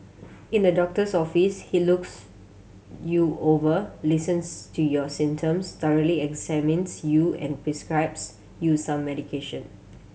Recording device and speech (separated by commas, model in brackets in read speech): mobile phone (Samsung C7100), read sentence